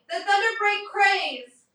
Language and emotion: English, neutral